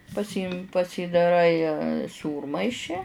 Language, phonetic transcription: Lithuanian, paˈsymi pasydaˈrai ˈsūrmaiši

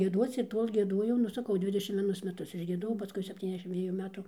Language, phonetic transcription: Lithuanian, gieˈduoc ir ˈtol' gieˈduojau nu saˈkau ˈdvidešim vieˈnus meˈtus išgieˈdojau paˈskui sepˌtyniasˈdešim ˈdviejų ˈmetu

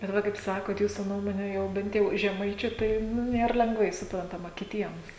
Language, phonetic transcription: Lithuanian, bet ˈva kaip ˈsakot ˈjūsu ˈnuomone ˈjau ˈbent jau žeˈmaičiu ˈtai ˈnu ˈnėr lengˈvai suprantaˈma kiˈtiems

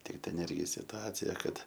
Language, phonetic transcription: Lithuanian, tik ten ˈirgi situˈacija ˈkad

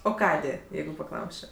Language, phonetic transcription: Lithuanian, o ˈkadė ˈjeigu paˈklausčio

